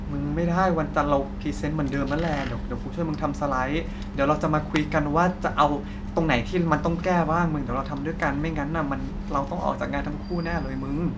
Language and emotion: Thai, frustrated